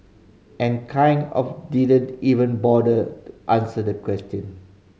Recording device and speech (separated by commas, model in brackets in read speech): mobile phone (Samsung C5010), read sentence